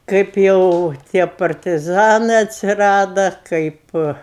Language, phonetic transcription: Lithuanian, ˈkaip jau ˈtie partiˈzanɜ atsiˈrada ˈkaip

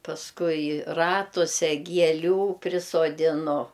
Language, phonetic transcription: Lithuanian, pasˈkui ˈratuse gieˈlių prisodiˈnu

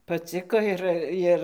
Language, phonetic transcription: Lithuanian, paˈciko ir ˈjir

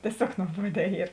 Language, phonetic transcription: Lithuanian, tieˈsiog nuoˈbuodē ˈyr

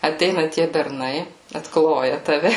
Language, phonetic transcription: Lithuanian, aˈteina tie berˈnai atˈkloja taˈve

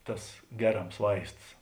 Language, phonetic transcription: Lithuanian, ˈtas ˈgeˌrams ˈvaists

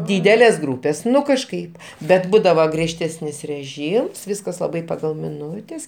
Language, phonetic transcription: Lithuanian, ˈdydelės ˈgrūpės ˈnu kažˈkaip bet ˈbūdava griežˈtesnis reˈžyms ˈviskas laˈbai paˈgal miˈnutes kekˈviena

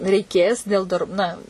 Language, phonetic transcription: Lithuanian, reiˈkės dėl dar ˈna

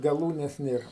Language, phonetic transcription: Lithuanian, gaˈlūnes ˈnėr

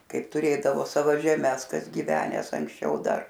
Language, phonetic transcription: Lithuanian, ˈkaip tuˈrėdavo ˈsavo žeˈmes ˈkas gyveˈnęs anksˈčiau ˈdar

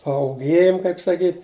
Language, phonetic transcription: Lithuanian, pauˈgėjum kaip saˈkyt'

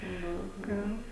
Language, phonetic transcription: Lithuanian, ˈnu ˈgan

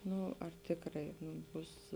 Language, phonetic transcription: Lithuanian, ˈnu ar ˈtėkrai nū ˈbus

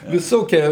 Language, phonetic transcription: Lithuanian, viˈsokie

